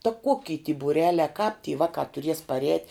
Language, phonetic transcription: Lithuanian, ta ˈkoki ty būˈreliā kāp ty ˈvakā tuˈries paˈrēt'

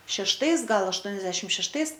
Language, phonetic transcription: Lithuanian, šešˈtais ˈgal ašˈtuoniasdešit šešˈtais

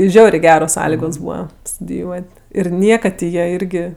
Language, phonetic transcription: Lithuanian, ˈžiaurė ˈgeros ˈsąligos ˈbūva studiˈjuot' ir ˈniekad ti ˈjie ˈirgi

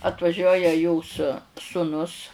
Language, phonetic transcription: Lithuanian, atvaˈžiuoja jos suˈnus

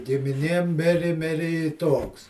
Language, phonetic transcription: Lithuanian, gimiˈnėm ˈmiri ˈmiri i ˈtoks

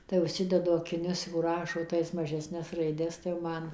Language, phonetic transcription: Lithuanian, tai užˈsidedu akiˈnius jau ˈrašo ˈtais mažesˈnes raiˈdes tai jau ˈman

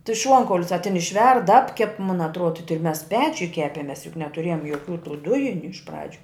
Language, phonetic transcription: Lithuanian, ti ˈšuonkaulius a tin išˈverd ˈapkep mun atˈruoda ti mes ˈpečiuj ˈkepemes juk netuˈrėjom joˈkių tų ˈdujiniu iš ˈpradžiu

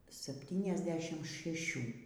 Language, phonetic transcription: Lithuanian, sapˌtyniasˈdešim šeˈšių

